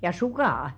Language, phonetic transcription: Finnish, ja "sukà₍a !
- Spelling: ja sukat

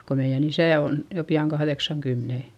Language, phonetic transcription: Finnish, ko meiʲän ‿isä̀ on , jo pi₍aŋ kahδeksaŋkymmene .
- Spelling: kun meidän isä on jo pian kahdeksankymmenen

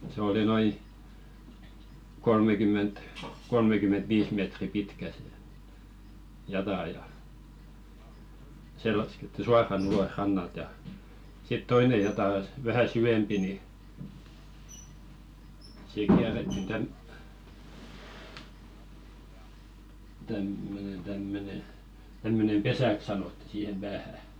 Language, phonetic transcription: Finnish, se oli noi , kolmekym̆ment , 'kolmekymen̬t 'viis mètri "pitkä sĕ , 'jatà ja , "se lasketti 'suaran ‿ulos rannalt ja , sit "toine 'jatà s- , vähä "sywempi ni , siik 'kiärettin täm- , tämmönen tämmöne , 'tämmönem "pesäk sanotti siihem 'ʙäähä .
- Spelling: se oli noin kolmekymmentä kolmekymmentä viisi metriä pitkä se jata ja se laskettiin suoraan ulos rannalta ja sitten toinen jata - vähän syvempi niin siihen kierrettiin - tämmöinen tämmöinen tämmöinen pesäksi sanottiin siihen päähän

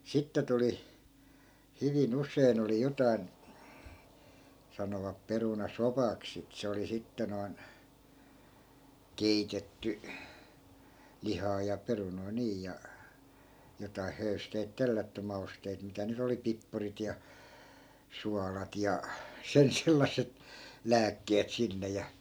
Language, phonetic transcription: Finnish, 'sitte tuli , 'hyvi'n ‿us̆sein ‿oli 'jotai̮n , 'sanovap 'peruna"sopaks sit se oli 'sitte noi̮n , "keitetty , 'lihaa ja 'perunoi̮ 'nii ja , jotai 'höysteit "tellätty 'mausteit mitä ny't ‿oli "pippurit ja , 'sualat ja , 'sen sellas̆set , "lääkkeet 'sinne ja .
- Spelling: sitten tuli hyvin usein oli jotakin sanovat perunasopaksi sitä se oli sitten noin keitetty lihaa ja perunoita niin ja jotakin höysteitä tellätty mausteita mitä nyt oli pippurit ja suolat ja sen sellaiset lääkkeet sinne ja

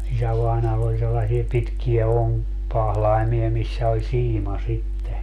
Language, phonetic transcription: Finnish, 'isävàinaall ‿oĺ sellasie 'pitkiä "oŋkpahlaimi₍a 'missä oĺ "siima sitte .
- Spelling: isävainajalla oli sellaisia pitkiä onkipahlaimia missä oli siima sitten

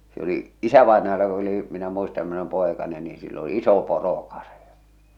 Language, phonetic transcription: Finnish, se ‿oli , "isävàenajalla (ko) oli , minä muista (min ‿oli)m 'pòekanen ni sill ‿o "iso 'poro'karⁱja .
- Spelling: se oli isävainajalla kun oli minä muistan minä olin poikanen niin sillä on iso porokarja

